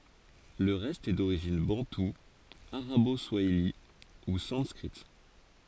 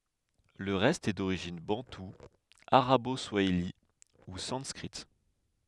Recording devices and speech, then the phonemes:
forehead accelerometer, headset microphone, read sentence
lə ʁɛst ɛ doʁiʒin bɑ̃tu aʁabo swaili u sɑ̃skʁit

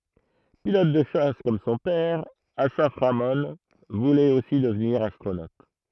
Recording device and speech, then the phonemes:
throat microphone, read sentence
pilɔt də ʃas kɔm sɔ̃ pɛʁ asaf ʁamɔ̃ vulɛt osi dəvniʁ astʁonot

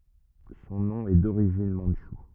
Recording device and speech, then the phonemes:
rigid in-ear microphone, read sentence
sɔ̃ nɔ̃ ɛ doʁiʒin mɑ̃dʃu

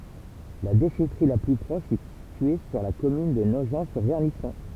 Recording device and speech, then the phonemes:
temple vibration pickup, read sentence
la deʃɛtʁi la ply pʁɔʃ ɛ sitye syʁ la kɔmyn də noʒɑ̃tsyʁvɛʁnisɔ̃

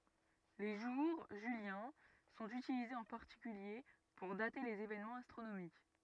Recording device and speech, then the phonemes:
rigid in-ear microphone, read sentence
le ʒuʁ ʒyljɛ̃ sɔ̃t ytilizez ɑ̃ paʁtikylje puʁ date lez evenmɑ̃z astʁonomik

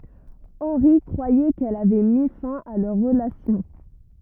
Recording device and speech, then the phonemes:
rigid in-ear microphone, read sentence
ɑ̃ʁi kʁwajɛ kɛl avɛ mi fɛ̃ a lœʁ ʁəlasjɔ̃

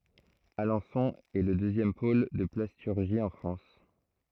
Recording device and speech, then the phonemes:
throat microphone, read sentence
alɑ̃sɔ̃ ɛ lə døzjɛm pol də plastyʁʒi ɑ̃ fʁɑ̃s

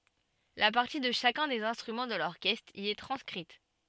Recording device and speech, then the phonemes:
soft in-ear microphone, read sentence
la paʁti də ʃakœ̃ dez ɛ̃stʁymɑ̃ də lɔʁkɛstʁ i ɛ tʁɑ̃skʁit

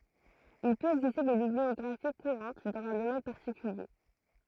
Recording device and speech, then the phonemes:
throat microphone, read sentence
il pøt ɛɡziste de bibliɔɡʁafi kuʁɑ̃t dɑ̃z œ̃ domɛn paʁtikylje

